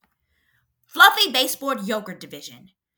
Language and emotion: English, angry